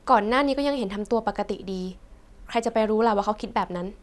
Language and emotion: Thai, neutral